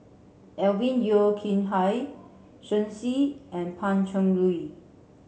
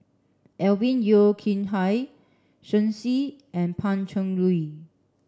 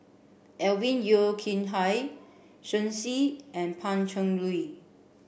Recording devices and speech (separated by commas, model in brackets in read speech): mobile phone (Samsung C7), standing microphone (AKG C214), boundary microphone (BM630), read sentence